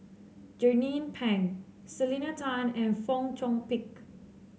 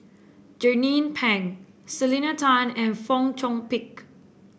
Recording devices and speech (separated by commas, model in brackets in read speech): mobile phone (Samsung C7), boundary microphone (BM630), read sentence